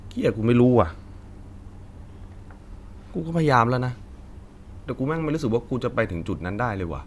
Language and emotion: Thai, frustrated